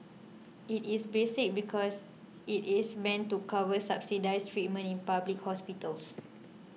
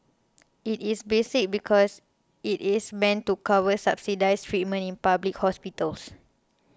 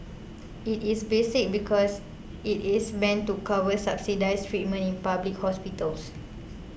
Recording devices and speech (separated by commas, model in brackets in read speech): mobile phone (iPhone 6), close-talking microphone (WH20), boundary microphone (BM630), read sentence